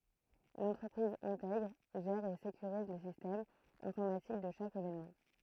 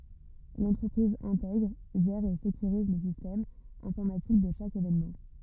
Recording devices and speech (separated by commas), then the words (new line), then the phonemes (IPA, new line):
throat microphone, rigid in-ear microphone, read sentence
L'entreprise intègre, gère et sécurise le système informatique de chaque événement.
lɑ̃tʁəpʁiz ɛ̃tɛɡʁ ʒɛʁ e sekyʁiz lə sistɛm ɛ̃fɔʁmatik də ʃak evenmɑ̃